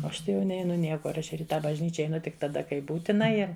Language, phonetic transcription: Lithuanian, o ˈaš ˈtai jau ˈneinu ˈniekur ˈaš ir i ˈtą bažˈnyčia eiˈnu tik taˈda kai ˈbūtina ˈir

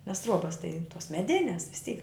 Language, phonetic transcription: Lithuanian, nes ˈtruobas tai tos meˈdines vis ˈtyk

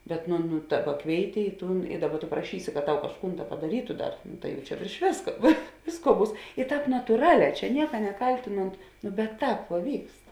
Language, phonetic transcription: Lithuanian, bet nu nu ˈdaˌba ˈkvėiˌti i ˈtūn i ˈdaˌba tu praˈšysi kad ˈtau kažˈkūn ˈda padaˈrytu ˈdar ˈtai jau čia vėrš ˈvėska vė ˈvėsˌkuo ˈbūs i ˈtāp natūˈraˌlē ˈčia ˈnieka neˈkaltinont no bet ˈtāp vuo ˈvykst

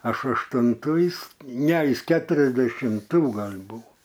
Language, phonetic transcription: Lithuanian, ˈaš aštunˈtų ˈjis ˈne ˈjis keturiasdešimˈtų ˈgal' ˈbuo

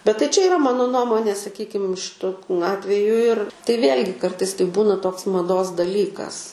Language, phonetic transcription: Lithuanian, bet tai čia yˈra ˈmano ˈnuomonė saˈkykim šiˈtu ˈatveju ir tai ˈvėl'gi ˈkartais tai ˈbūna ˈtoks maˈdos daˈlykas

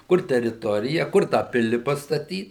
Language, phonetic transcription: Lithuanian, ˈkur teriˈtorija ˈkur tą ˈpili pastaˈtyt

